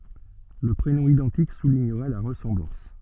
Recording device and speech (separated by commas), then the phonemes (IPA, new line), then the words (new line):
soft in-ear microphone, read sentence
lə pʁenɔ̃ idɑ̃tik suliɲəʁɛ la ʁəsɑ̃blɑ̃s
Le prénom identique soulignerait la ressemblance.